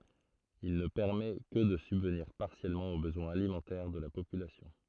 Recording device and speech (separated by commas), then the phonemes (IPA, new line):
throat microphone, read sentence
il nə pɛʁmɛ kə də sybvniʁ paʁsjɛlmɑ̃ o bəzwɛ̃z alimɑ̃tɛʁ də la popylasjɔ̃